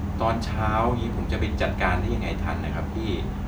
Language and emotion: Thai, frustrated